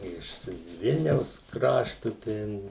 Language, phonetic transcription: Lithuanian, ˈiš ˈvilniaus ˈkraštu ˈten

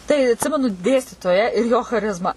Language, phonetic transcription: Lithuanian, tai atˈsimenu ˈdėstytoją ir jo chaˈrizmą

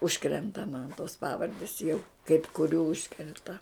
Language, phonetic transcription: Lithuanian, ˈužkrenta man tos ˈpavardis jau kaip kuˈrių ˈužkrenta

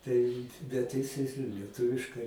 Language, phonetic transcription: Lithuanian, tai bet ˈjis ˈjis i lieˈtuviškai

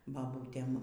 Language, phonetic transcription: Lithuanian, ˈbabūtem

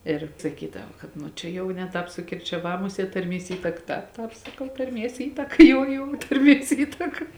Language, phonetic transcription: Lithuanian, ir saˈkydava kad ˈnu čia ˈjau ne ˈtāp sukirčiaˈvā ˈmuˌsiet tarˈmies ˈįtaka ˈtāp ˈtāp saˈkau tarˈmies ˈįtaka ˈjou jou tarˈmies ˈįtaka

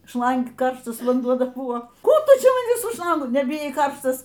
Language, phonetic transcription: Lithuanian, ˈšlang ˈkarštas vanˈduo ˈdar ˈbuo ˈkų ˈtu ˈčia ˈman ˈvis su ˈšlangu nebiˈjai ˈkarštas

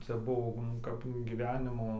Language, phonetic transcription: Lithuanian, ˈcia ˈbuo nu ˈkap gyˈvenimo

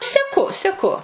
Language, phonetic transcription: Lithuanian, seˈku seˈku

